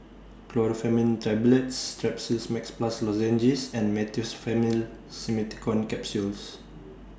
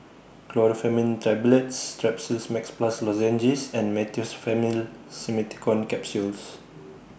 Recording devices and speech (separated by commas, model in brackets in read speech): standing microphone (AKG C214), boundary microphone (BM630), read sentence